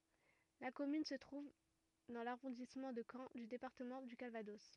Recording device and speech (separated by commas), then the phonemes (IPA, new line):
rigid in-ear microphone, read sentence
la kɔmyn sə tʁuv dɑ̃ laʁɔ̃dismɑ̃ də kɑ̃ dy depaʁtəmɑ̃ dy kalvadɔs